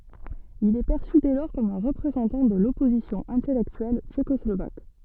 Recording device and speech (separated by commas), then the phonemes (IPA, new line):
soft in-ear microphone, read sentence
il ɛ pɛʁsy dɛ lɔʁ kɔm œ̃ ʁəpʁezɑ̃tɑ̃ də lɔpozisjɔ̃ ɛ̃tɛlɛktyɛl tʃekɔslovak